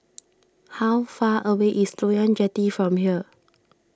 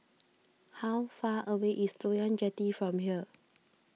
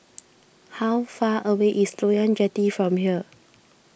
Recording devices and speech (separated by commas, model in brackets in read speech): standing microphone (AKG C214), mobile phone (iPhone 6), boundary microphone (BM630), read sentence